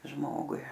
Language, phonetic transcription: Lithuanian, ˈžmogui

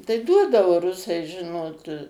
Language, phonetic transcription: Lithuanian, tai ˈduodavo ˈrusai ˈžinot

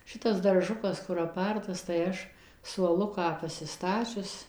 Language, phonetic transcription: Lithuanian, ˈšitas darˈžukas kur aˈpartas tai ˈaš suoˈluką pasiˈstačius

